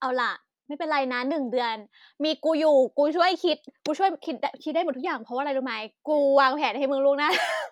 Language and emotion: Thai, happy